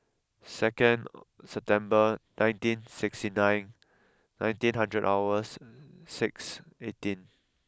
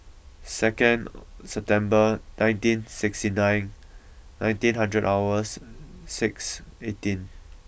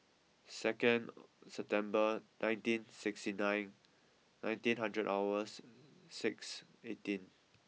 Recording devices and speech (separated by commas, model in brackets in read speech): close-talking microphone (WH20), boundary microphone (BM630), mobile phone (iPhone 6), read sentence